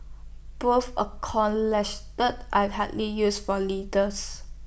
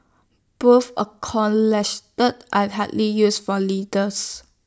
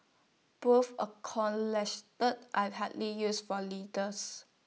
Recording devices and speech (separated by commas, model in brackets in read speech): boundary microphone (BM630), standing microphone (AKG C214), mobile phone (iPhone 6), read sentence